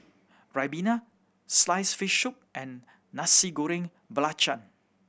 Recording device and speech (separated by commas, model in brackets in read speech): boundary microphone (BM630), read sentence